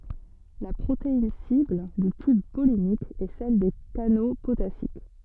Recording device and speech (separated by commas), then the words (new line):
soft in-ear microphone, read sentence
La protéine cible du tube pollinique est celle des canaux potassiques.